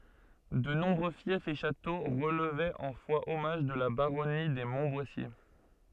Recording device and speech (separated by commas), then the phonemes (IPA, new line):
soft in-ear microphone, read sentence
də nɔ̃bʁø fjɛfz e ʃato ʁəlvɛt ɑ̃ fwaɔmaʒ də la baʁɔni de mɔ̃tbwasje